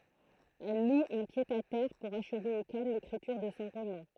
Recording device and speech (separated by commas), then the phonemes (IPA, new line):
throat microphone, read sentence
ɛl lu œ̃ pjədatɛʁ puʁ aʃve o kalm lekʁityʁ də sɔ̃ ʁomɑ̃